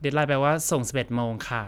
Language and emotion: Thai, neutral